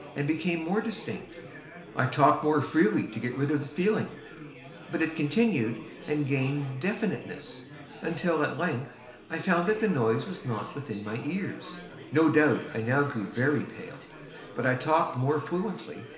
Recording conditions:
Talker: one person; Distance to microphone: 1.0 m; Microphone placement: close; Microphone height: 1.1 m; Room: small (3.7 m by 2.7 m); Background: babble

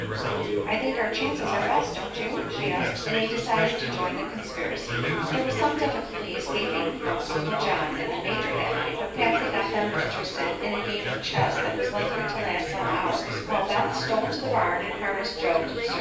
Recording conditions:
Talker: one person; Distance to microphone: 9.8 m; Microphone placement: far; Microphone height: 1.8 m; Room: large; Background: babble

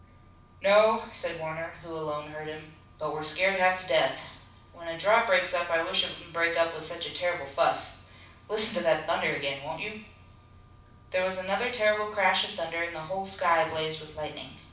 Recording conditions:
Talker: one person; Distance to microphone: 5.8 m; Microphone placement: far; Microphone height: 1.8 m; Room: medium-sized (5.7 m by 4.0 m); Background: none

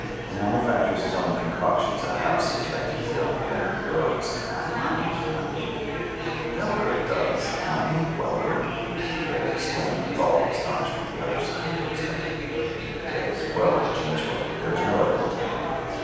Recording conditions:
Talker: one person; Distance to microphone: 7.1 m; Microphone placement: far; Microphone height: 1.7 m; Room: very reverberant, large; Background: babble

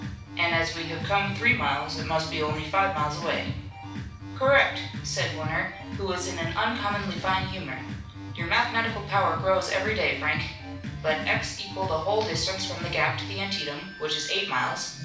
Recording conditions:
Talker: one person; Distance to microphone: 5.8 m; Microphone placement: far; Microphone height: 1.8 m; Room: medium-sized (5.7 m by 4.0 m); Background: music

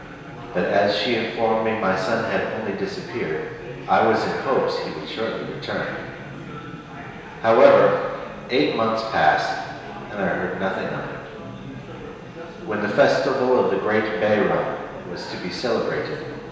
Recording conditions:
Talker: one person; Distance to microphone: 1.7 m; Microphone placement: close; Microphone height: 1.0 m; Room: very reverberant, large; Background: babble

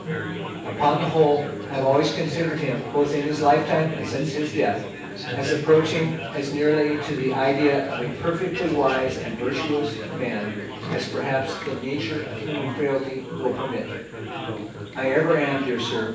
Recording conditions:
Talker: one person; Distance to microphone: 9.8 m; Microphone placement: far; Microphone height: 1.8 m; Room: large; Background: babble

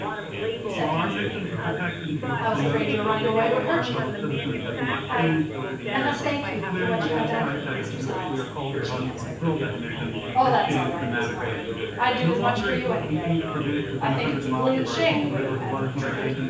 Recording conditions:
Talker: one person; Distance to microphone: 9.8 m; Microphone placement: far; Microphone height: 1.8 m; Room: large; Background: babble

